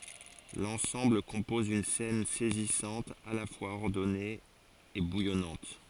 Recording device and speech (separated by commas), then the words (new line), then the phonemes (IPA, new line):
forehead accelerometer, read sentence
L'ensemble compose une scène saisissante, à la fois ordonnée et bouillonnante.
lɑ̃sɑ̃bl kɔ̃pɔz yn sɛn sɛzisɑ̃t a la fwaz ɔʁdɔne e bujɔnɑ̃t